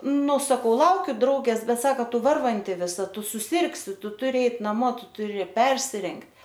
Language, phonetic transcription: Lithuanian, ˈnu saˈkau ˈlaukiu ˈdraugės ˈbet ˈsaka ˈtu ˈvarvanti viˈsa ˈtu suˈsirgsi ˈtu tuˈri ˈeit naˈmo ˈtu tuˈri ˈpersirengt'

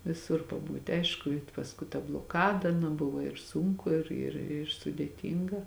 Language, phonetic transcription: Lithuanian, viˈsur paˈbūti ˈaišku i pasˈkui ta bloˈkada nu ˈbuvo ir ˈsunku ˈir ir ir sudėˈtynga

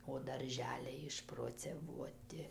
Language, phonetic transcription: Lithuanian, o darˈželiai išproceˈvuoti

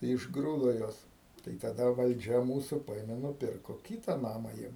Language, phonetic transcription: Lithuanian, tai išgˈrūdo ˈjuos tai taˈda valˈdžia ˈmūsu ˈpaėme nuˈpirko ˈkyta ˈnama ˈjiem

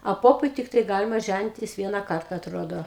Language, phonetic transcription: Lithuanian, a ˈpopui ˈtiktai ˈgalima ˈžænitis ˈviena ˈkarta atˈrodo

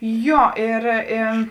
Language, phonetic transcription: Lithuanian, ˈjo ir i

